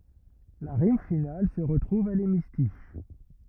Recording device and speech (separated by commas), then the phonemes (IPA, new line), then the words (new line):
rigid in-ear microphone, read sentence
la ʁim final sə ʁətʁuv a lemistiʃ
La rime finale se retrouve à l’hémistiche.